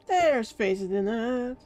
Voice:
startled singsong voice